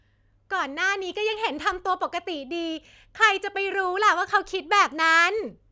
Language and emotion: Thai, frustrated